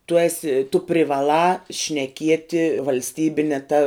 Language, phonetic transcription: Lithuanian, tu ˈesi tu privaˈlā šneˈkieti valsˈtybine ˈta

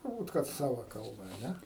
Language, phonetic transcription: Lithuanian, turˈbūt kad ˈsava ˈkalba a ˈne

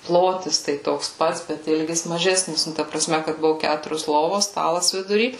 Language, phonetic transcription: Lithuanian, ˈplotis tai ˈtoks ˈpats bet ˈilgis maˈžesnis ˈnu ta praˈsme kad ˈbuvu ˈkæturios ˈlovos ˈstalas viduˈry

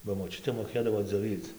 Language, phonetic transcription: Lithuanian, ba moˈčiutė moˈkėdavo dzioˈvyc

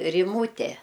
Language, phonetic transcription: Lithuanian, riˈmūte

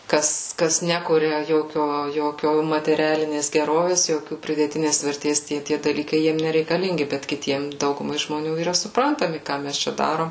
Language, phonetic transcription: Lithuanian, ˈkas ˈkas ˈnekuria ˈjokio ˈjokio mateˈrialinės geˈrovės ˈjokių pridėˈtinės verˈtės ˈtie tie daˈlykai ˈjiem nereikaˈlingi bet kiˈtiem ˈdaugumai žmoˈnių yˈra supˈrantami ˈką mes ˈčia ˈdarom

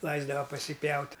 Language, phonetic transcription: Lithuanian, ˈlaisdava pasiˈpjaut'

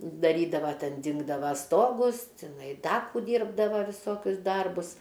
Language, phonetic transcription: Lithuanian, daˈrydava ˈten ˈdingdava ˈstogus tiˈnai ˈda kų ˈdyrbdava viˈsokius ˈdarbus

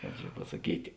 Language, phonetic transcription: Lithuanian, ˈkāp čia pasaˈkyti

